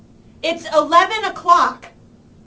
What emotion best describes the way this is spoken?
angry